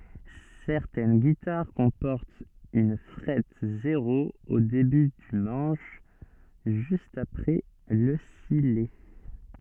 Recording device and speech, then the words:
soft in-ear microphone, read sentence
Certaines guitares comportent une frette zéro au début du manche, juste après le sillet.

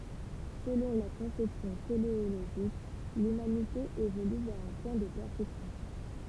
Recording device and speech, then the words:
temple vibration pickup, read sentence
Selon la conception téléologique, l’humanité évolue vers un point de perfection.

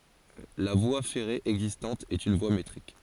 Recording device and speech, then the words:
forehead accelerometer, read sentence
La voie ferrée existante est une voie métrique.

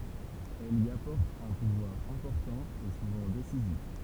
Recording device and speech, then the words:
temple vibration pickup, read sentence
Elle y apporte un pouvoir important et souvent décisif.

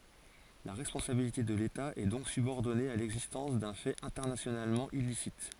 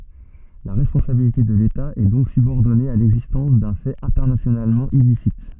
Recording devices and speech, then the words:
forehead accelerometer, soft in-ear microphone, read sentence
La responsabilité de l’État est donc subordonnée à l'existence d'un fait internationalement illicite.

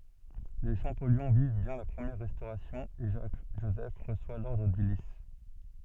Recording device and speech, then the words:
soft in-ear microphone, read sentence
Les Champollion vivent bien la Première Restauration et Jacques-Joseph reçoit l’ordre du Lys.

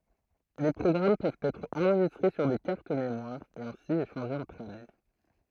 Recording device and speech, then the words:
throat microphone, read sentence
Les programmes peuvent être enregistrés sur des cartes mémoires et ainsi échangés entre amis.

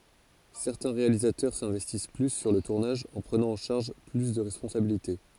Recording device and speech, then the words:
forehead accelerometer, read sentence
Certains réalisateurs s'investissent plus sur le tournage en prenant en charge plus de responsabilités.

